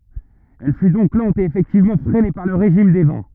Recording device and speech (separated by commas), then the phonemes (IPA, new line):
rigid in-ear microphone, read sentence
ɛl fy dɔ̃k lɑ̃t e efɛktivmɑ̃ fʁɛne paʁ lə ʁeʒim de vɑ̃